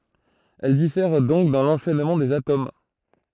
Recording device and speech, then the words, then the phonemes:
throat microphone, read sentence
Elles diffèrent donc dans l'enchaînement des atomes.
ɛl difɛʁ dɔ̃k dɑ̃ lɑ̃ʃɛnmɑ̃ dez atom

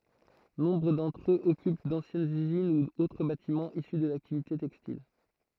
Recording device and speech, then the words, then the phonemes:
throat microphone, read sentence
Nombre d'entre eux occupent d'anciennes usines ou autres bâtiments issus de l'activité textile.
nɔ̃bʁ dɑ̃tʁ øz ɔkyp dɑ̃sjɛnz yzin u otʁ batimɑ̃z isy də laktivite tɛkstil

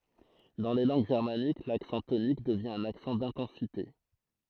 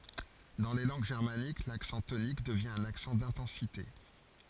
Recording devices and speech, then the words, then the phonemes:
throat microphone, forehead accelerometer, read sentence
Dans les langues germaniques, l'accent tonique devient un accent d'intensité.
dɑ̃ le lɑ̃ɡ ʒɛʁmanik laksɑ̃ tonik dəvjɛ̃ œ̃n aksɑ̃ dɛ̃tɑ̃site

